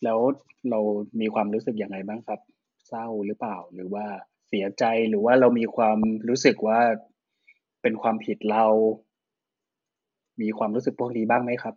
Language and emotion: Thai, neutral